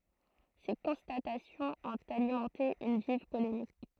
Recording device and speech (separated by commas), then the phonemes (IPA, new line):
throat microphone, read sentence
se kɔ̃statasjɔ̃z ɔ̃t alimɑ̃te yn viv polemik